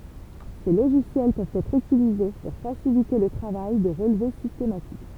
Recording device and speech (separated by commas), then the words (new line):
temple vibration pickup, read sentence
Ces logiciels peuvent être utilisés pour faciliter le travail de relevé systématique.